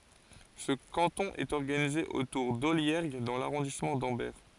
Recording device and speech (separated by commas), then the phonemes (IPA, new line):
forehead accelerometer, read sentence
sə kɑ̃tɔ̃ ɛt ɔʁɡanize otuʁ dɔljɛʁɡ dɑ̃ laʁɔ̃dismɑ̃ dɑ̃bɛʁ